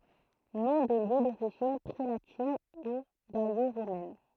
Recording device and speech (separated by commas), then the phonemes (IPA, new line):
throat microphone, read sentence
nɔ̃ də ljø doʁiʒin pʁelatin u ɡalo ʁomɛn